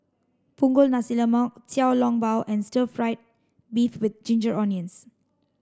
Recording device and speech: standing microphone (AKG C214), read sentence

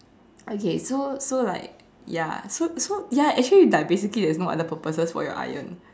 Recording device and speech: standing microphone, conversation in separate rooms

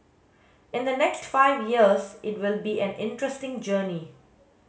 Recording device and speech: mobile phone (Samsung S8), read sentence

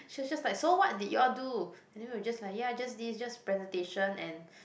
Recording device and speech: boundary microphone, conversation in the same room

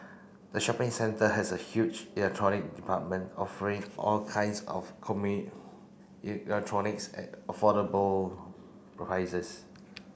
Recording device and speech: boundary microphone (BM630), read sentence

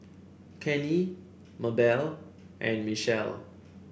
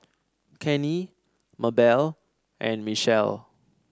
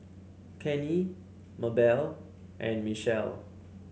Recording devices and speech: boundary microphone (BM630), standing microphone (AKG C214), mobile phone (Samsung C7), read sentence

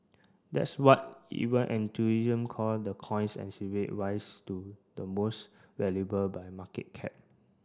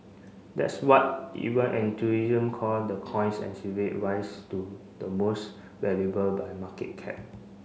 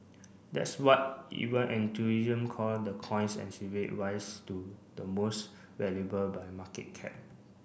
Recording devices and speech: standing microphone (AKG C214), mobile phone (Samsung C5), boundary microphone (BM630), read sentence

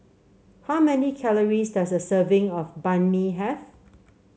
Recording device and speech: mobile phone (Samsung C7), read sentence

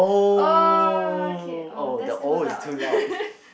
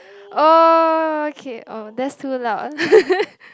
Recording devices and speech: boundary microphone, close-talking microphone, conversation in the same room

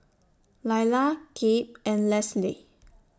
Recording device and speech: standing microphone (AKG C214), read sentence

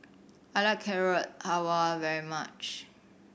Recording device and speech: boundary microphone (BM630), read sentence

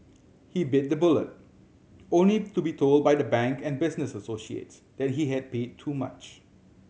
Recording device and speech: mobile phone (Samsung C7100), read sentence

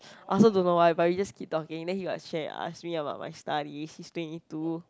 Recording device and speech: close-talking microphone, conversation in the same room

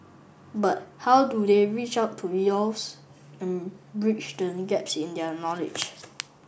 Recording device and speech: boundary microphone (BM630), read sentence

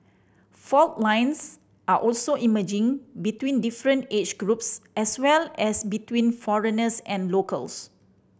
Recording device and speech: boundary microphone (BM630), read sentence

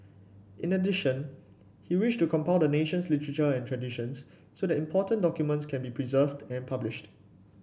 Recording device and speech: boundary microphone (BM630), read sentence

